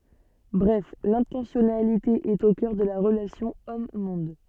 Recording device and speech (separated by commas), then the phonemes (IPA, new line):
soft in-ear microphone, read sentence
bʁɛf lɛ̃tɑ̃sjɔnalite ɛt o kœʁ də la ʁəlasjɔ̃ ɔmmɔ̃d